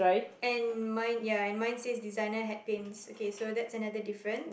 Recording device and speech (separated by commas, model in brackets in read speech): boundary microphone, conversation in the same room